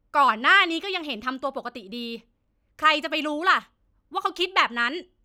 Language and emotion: Thai, angry